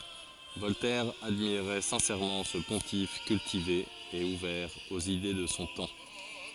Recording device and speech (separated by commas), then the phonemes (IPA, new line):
forehead accelerometer, read sentence
vɔltɛʁ admiʁɛ sɛ̃sɛʁmɑ̃ sə pɔ̃tif kyltive e uvɛʁ oz ide də sɔ̃ tɑ̃